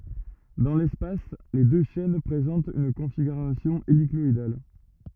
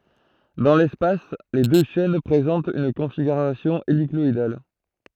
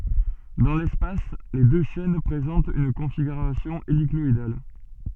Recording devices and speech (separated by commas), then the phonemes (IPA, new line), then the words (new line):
rigid in-ear microphone, throat microphone, soft in-ear microphone, read sentence
dɑ̃ lɛspas le dø ʃɛn pʁezɑ̃tt yn kɔ̃fiɡyʁasjɔ̃ elikɔidal
Dans l’espace, les deux chaînes présentent une configuration hélicoïdale.